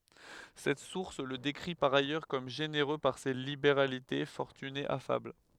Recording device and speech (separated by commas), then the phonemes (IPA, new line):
headset microphone, read sentence
sɛt suʁs lə dekʁi paʁ ajœʁ kɔm ʒeneʁø paʁ se libeʁalite fɔʁtyne afabl